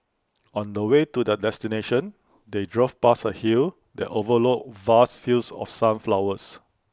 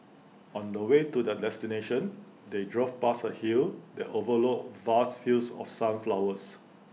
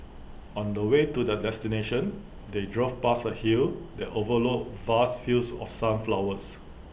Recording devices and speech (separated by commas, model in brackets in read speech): close-talking microphone (WH20), mobile phone (iPhone 6), boundary microphone (BM630), read sentence